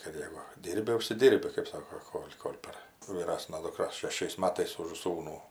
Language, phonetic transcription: Lithuanian, kad ˈjegu ˈdyrbi užsiˈdyrbi kɜp ˈsako ˈkol' kol' par vyˈrasna dukˈra šeˈšiais ˈmatais už ˈsūnų

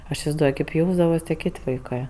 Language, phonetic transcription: Lithuanian, aš isivaizˈduoj kaip ˈjausdavas tie ˈkėt' vaiˈkɜ

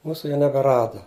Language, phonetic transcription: Lithuanian, ˈmūsu jau nebeˈrada

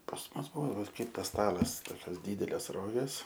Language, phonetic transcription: Lithuanian, pas ˈmus ˈbuvo va ˈkaip tas ˈstalas ˈtokios ˈdydelės ˈrogės

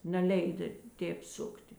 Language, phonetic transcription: Lithuanian, neˈleida ˈtėp ˈsukti

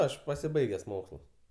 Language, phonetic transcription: Lithuanian, ˈaš pasiˈbaiges ˈmokslus

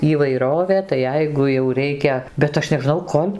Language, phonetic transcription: Lithuanian, įvaiˈrovė tai ˈjeigu jau ˈreikia bet ˈaš nežˈnau ˈkol'

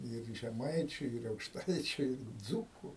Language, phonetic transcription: Lithuanian, ir žeˈmaičiu ir aukšˈtaičiu ir ˈdzūku

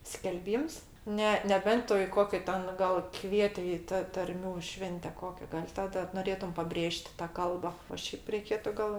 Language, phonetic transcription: Lithuanian, skelˈbyms ˈne neˈbent ˈtu i ˈkokia ˈten gal ˈkvieti ˈi ta tarˈmių ˈšvente ˈkokia gal' taˈda noˈrėtum paˈbrėž't' ta ˈkalba o ˈšiaip reiˈkėtu gal

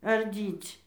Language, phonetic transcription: Lithuanian, arˈdyc'

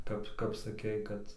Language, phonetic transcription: Lithuanian, ˈkap kap saˈkei ˈkad

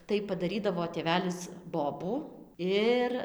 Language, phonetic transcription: Lithuanian, tai padaˈrydavo tėˈvelis ˈbobų ˈir

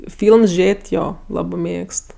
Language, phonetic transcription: Lithuanian, ˈfylms ˈžėt' ˈjo ˈlabɜ ˈmėgst

